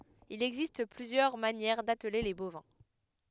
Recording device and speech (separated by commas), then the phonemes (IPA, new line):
headset microphone, read sentence
il ɛɡzist plyzjœʁ manjɛʁ datle le bovɛ̃